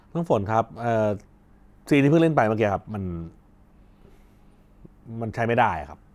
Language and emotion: Thai, frustrated